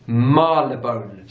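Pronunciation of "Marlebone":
'Marylebone' is pronounced correctly here.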